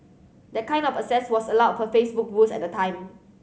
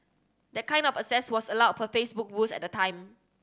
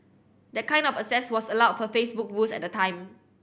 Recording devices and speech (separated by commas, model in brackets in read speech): mobile phone (Samsung C7100), standing microphone (AKG C214), boundary microphone (BM630), read sentence